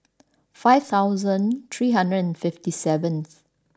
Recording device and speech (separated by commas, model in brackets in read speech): standing microphone (AKG C214), read sentence